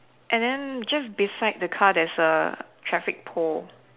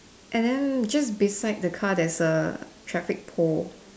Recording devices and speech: telephone, standing microphone, conversation in separate rooms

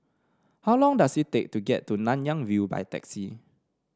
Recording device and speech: standing microphone (AKG C214), read sentence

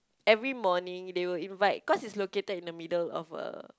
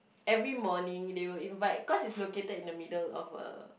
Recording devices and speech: close-talking microphone, boundary microphone, conversation in the same room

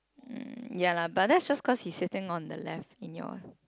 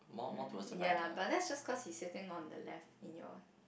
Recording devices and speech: close-talking microphone, boundary microphone, conversation in the same room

